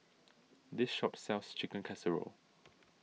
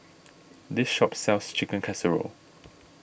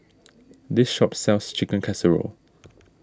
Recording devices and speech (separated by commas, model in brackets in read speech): mobile phone (iPhone 6), boundary microphone (BM630), standing microphone (AKG C214), read sentence